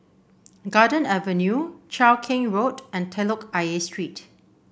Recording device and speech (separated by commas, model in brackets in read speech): boundary microphone (BM630), read sentence